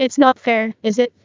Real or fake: fake